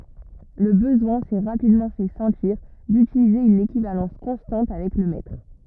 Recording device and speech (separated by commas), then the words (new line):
rigid in-ear microphone, read sentence
Le besoin s'est rapidement fait sentir d'utiliser une équivalence constante avec le mètre.